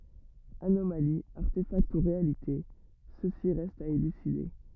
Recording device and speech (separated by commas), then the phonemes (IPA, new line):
rigid in-ear microphone, read sentence
anomali aʁtefakt u ʁealite səsi ʁɛst a elyside